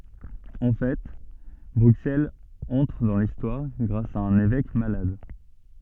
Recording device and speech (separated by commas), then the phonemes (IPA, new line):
soft in-ear microphone, read sentence
ɑ̃ fɛ bʁyksɛlz ɑ̃tʁ dɑ̃ listwaʁ ɡʁas a œ̃n evɛk malad